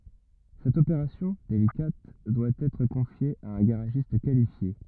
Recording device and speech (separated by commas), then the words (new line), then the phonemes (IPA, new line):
rigid in-ear microphone, read sentence
Cette opération, délicate, doit être confiée à un garagiste qualifié.
sɛt opeʁasjɔ̃ delikat dwa ɛtʁ kɔ̃fje a œ̃ ɡaʁaʒist kalifje